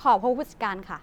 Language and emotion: Thai, neutral